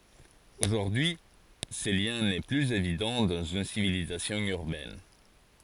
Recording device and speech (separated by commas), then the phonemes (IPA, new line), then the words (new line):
forehead accelerometer, read sentence
oʒuʁdyi y sə ljɛ̃ nɛ plyz evidɑ̃ dɑ̃z yn sivilizasjɔ̃ yʁbɛn
Aujourd'hui ce lien n'est plus évident dans une civilisation urbaine.